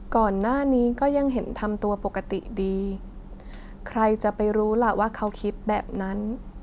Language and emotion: Thai, frustrated